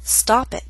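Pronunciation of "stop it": In 'stop it', the t in 'stop' is a true T with not much puff of air, and the t at the end of 'it' is a glottal stop.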